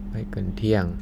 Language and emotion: Thai, neutral